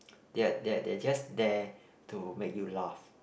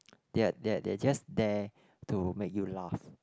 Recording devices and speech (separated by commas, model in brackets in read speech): boundary microphone, close-talking microphone, conversation in the same room